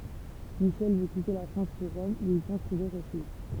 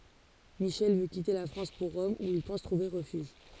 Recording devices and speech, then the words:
temple vibration pickup, forehead accelerometer, read sentence
Michel veut quitter la France pour Rome, où il pense trouver refuge.

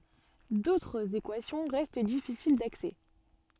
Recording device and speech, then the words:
soft in-ear microphone, read sentence
D'autres équations restent difficiles d'accès.

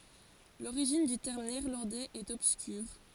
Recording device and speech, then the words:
forehead accelerometer, read sentence
L'origine du terme néerlandais est obscure.

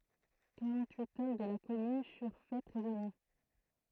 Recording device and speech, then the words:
throat microphone, read sentence
Quarante-huit hommes de la commune furent fait prisonniers.

